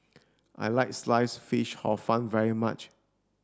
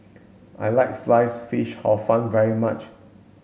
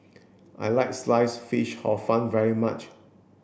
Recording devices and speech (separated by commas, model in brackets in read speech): standing microphone (AKG C214), mobile phone (Samsung S8), boundary microphone (BM630), read sentence